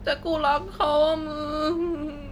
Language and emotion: Thai, sad